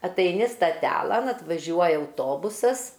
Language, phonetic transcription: Lithuanian, ataiˈni staˈtelan atvaˈžiuoja auˈtobusas

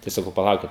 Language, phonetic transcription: Lithuanian, tai saˈkau paˈlaukit

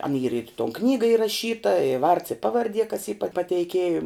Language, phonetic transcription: Lithuanian, an yr ir i ton ˈknyga iraˈšyta i vards i ˈpavardie kas y pa pateiˈkėjum

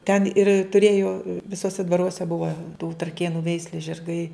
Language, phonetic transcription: Lithuanian, ten ir tuˈrėjo viˈsuose dvaˈruose ˈbuva tų traˈkėnu ˈveislės žirˈgai

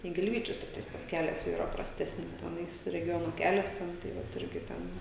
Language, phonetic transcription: Lithuanian, i gilˈvyčius tikˈtais tas ˈkelias jau yˈra prasˈtesnis teˈnais reˈgiono ˈkelias ten tai ˈvat ˈirgi ˈten

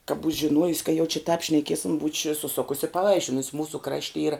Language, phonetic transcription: Lithuanian, ka būč' žiˈnuojus ka jau či tāp šnaˈkiesim buč' suˈsukus i paˈvaišinus ˈmūsu ˈkrašti ˈyra

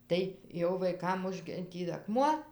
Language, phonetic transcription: Lithuanian, ˈtai jau vaiˈkam ˈužgi ˈtį aˈkmuo

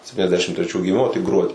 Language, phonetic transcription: Lithuanian, septyniasˈdešim treˈčių giˈmimo tik ˈgruodį

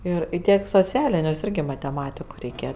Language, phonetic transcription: Lithuanian, ˈir i ˈtiek i soˈcialiniusˈirgi mateˈmatiku reiˈkėja

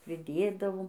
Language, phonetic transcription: Lithuanian, priˈdėdavom

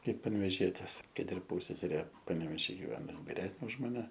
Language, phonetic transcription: Lithuanian, ˈkaip panveˈžietės ˈkad ir ˈpūsseserė paneveˈžy giˈveno ˈin viˈresnė už maˈne

